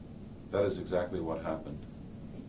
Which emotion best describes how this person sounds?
neutral